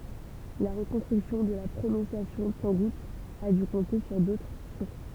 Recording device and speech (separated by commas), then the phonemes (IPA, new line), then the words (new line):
temple vibration pickup, read sentence
la ʁəkɔ̃stʁyksjɔ̃ də la pʁonɔ̃sjasjɔ̃ tɑ̃ɡut a dy kɔ̃te syʁ dotʁ suʁs
La reconstruction de la prononciation tangoute a dû compter sur d'autres sources.